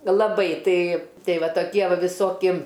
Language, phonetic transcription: Lithuanian, laˈbai ˈtai ˈtei ˈva toˈkie ˈva viˈsoki

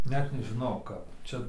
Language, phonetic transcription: Lithuanian, ˈnet nežiˈnau ˈkap ˈčia

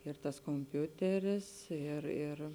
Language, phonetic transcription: Lithuanian, ir tas komˈpiuteris ir ir

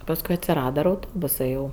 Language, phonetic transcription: Lithuanian, pasˈkui atsiˈrada ir auˈtobusɜ jau

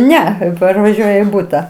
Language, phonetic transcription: Lithuanian, ˈne parvaˈžiuoja į ˈbuta

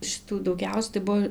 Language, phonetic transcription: Lithuanian, šiˈtų dauˈgiausia tai ˈbuo

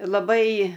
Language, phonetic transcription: Lithuanian, laˈbai

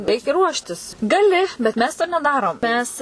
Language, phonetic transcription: Lithuanian, ˈreikia ˈruoštis gaˈli bet ˈmes to neˈdarom ˈmes

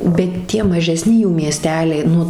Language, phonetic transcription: Lithuanian, bet ˈtie maˈžesni jų mieˈsteliai ˈnu

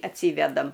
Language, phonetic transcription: Lithuanian, atˈsyvedam

